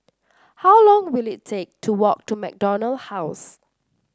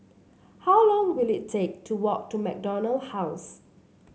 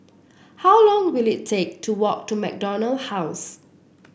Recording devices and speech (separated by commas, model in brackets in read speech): standing microphone (AKG C214), mobile phone (Samsung C7), boundary microphone (BM630), read sentence